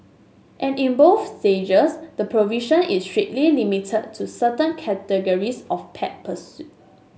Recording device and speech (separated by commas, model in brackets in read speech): mobile phone (Samsung S8), read sentence